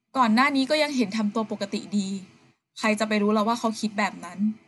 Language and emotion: Thai, frustrated